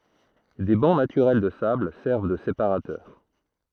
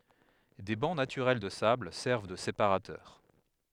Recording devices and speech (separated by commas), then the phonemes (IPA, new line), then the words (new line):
throat microphone, headset microphone, read sentence
de bɑ̃ natyʁɛl də sabl sɛʁv də sepaʁatœʁ
Des bancs naturels de sable servent de séparateurs.